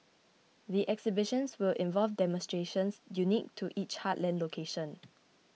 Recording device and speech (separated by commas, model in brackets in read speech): mobile phone (iPhone 6), read sentence